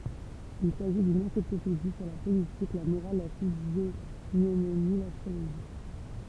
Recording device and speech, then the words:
temple vibration pickup, read sentence
Il s'agit d'une encyclopédie sur la politique, la morale, la physiognomonie, l'astrologie.

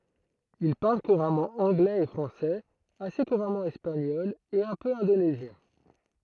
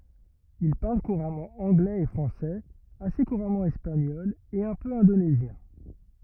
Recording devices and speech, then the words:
throat microphone, rigid in-ear microphone, read sentence
Il parle couramment anglais et français, assez couramment espagnol et un peu indonésien.

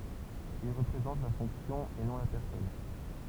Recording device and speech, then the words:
temple vibration pickup, read sentence
Il représente la fonction et non la personne.

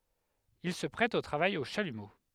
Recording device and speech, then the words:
headset microphone, read sentence
Il se prête au travail au chalumeau.

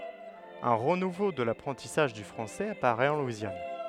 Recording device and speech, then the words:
headset microphone, read sentence
Un renouveau de l'apprentissage du français apparaît en Louisiane.

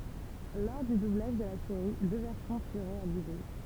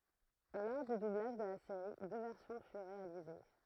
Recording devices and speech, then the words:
temple vibration pickup, throat microphone, read sentence
Lors du doublage de la série, deux versions furent réalisées.

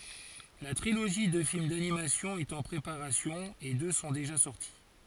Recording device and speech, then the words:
forehead accelerometer, read sentence
La trilogie de films d'animation est en préparation et deux sont déjà sorti.

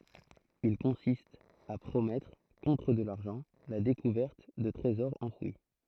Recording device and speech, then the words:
throat microphone, read sentence
Il consiste à promettre, contre de l'argent, la découverte de trésors enfouis.

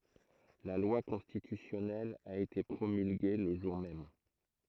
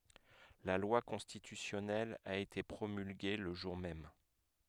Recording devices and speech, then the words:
throat microphone, headset microphone, read sentence
La loi constitutionnelle a été promulguée le jour même.

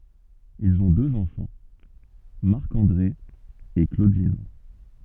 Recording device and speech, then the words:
soft in-ear microphone, read sentence
Ils ont deux enfants, Marc-André et Claudine.

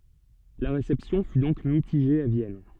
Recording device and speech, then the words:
soft in-ear microphone, read sentence
La réception fut donc mitigée à Vienne.

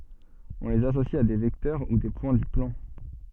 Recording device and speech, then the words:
soft in-ear microphone, read sentence
On les associe à des vecteurs ou des points du plan.

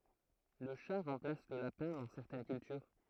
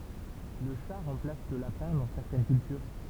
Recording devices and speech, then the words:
throat microphone, temple vibration pickup, read sentence
Le chat remplace le lapin dans certaines cultures.

